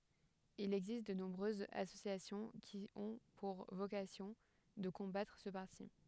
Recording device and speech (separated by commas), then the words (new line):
headset microphone, read sentence
Il existe de nombreuses associations qui ont pour vocation de combattre ce parti.